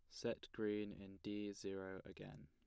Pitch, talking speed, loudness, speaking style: 95 Hz, 160 wpm, -48 LUFS, plain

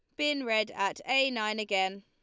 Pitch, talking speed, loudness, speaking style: 215 Hz, 200 wpm, -29 LUFS, Lombard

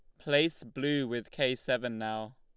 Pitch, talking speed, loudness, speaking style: 125 Hz, 165 wpm, -32 LUFS, Lombard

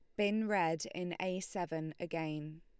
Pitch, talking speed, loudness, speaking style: 175 Hz, 150 wpm, -37 LUFS, Lombard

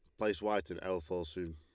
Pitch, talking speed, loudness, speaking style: 90 Hz, 265 wpm, -37 LUFS, Lombard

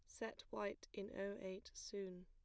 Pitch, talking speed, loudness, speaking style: 195 Hz, 175 wpm, -49 LUFS, plain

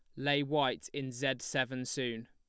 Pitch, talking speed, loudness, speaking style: 135 Hz, 175 wpm, -34 LUFS, plain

